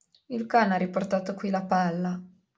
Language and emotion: Italian, sad